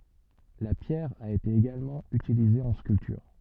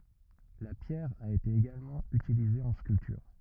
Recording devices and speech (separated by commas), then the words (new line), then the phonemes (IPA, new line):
soft in-ear microphone, rigid in-ear microphone, read sentence
La pierre a été également utilisée en sculpture.
la pjɛʁ a ete eɡalmɑ̃ ytilize ɑ̃ skyltyʁ